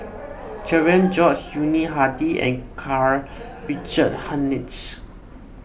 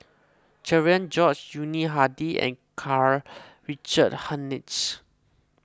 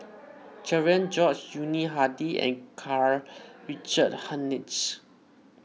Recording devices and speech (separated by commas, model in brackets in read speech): boundary microphone (BM630), close-talking microphone (WH20), mobile phone (iPhone 6), read sentence